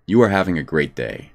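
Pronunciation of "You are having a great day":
'You are having a great day' is said as a statement, not a question: the voice does not go up on 'day' at the end.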